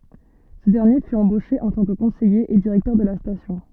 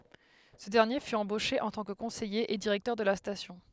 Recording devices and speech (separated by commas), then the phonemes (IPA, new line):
soft in-ear microphone, headset microphone, read sentence
sə dɛʁnje fy ɑ̃boʃe ɑ̃ tɑ̃ kə kɔ̃sɛje e diʁɛktœʁ də la stasjɔ̃